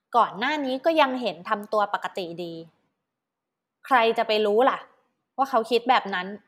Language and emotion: Thai, neutral